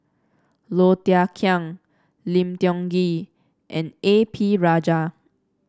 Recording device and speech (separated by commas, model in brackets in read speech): standing microphone (AKG C214), read sentence